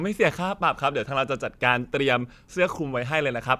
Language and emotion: Thai, happy